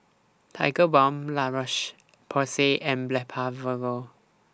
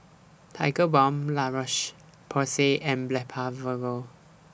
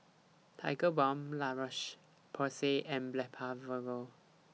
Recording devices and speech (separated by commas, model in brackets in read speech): standing microphone (AKG C214), boundary microphone (BM630), mobile phone (iPhone 6), read sentence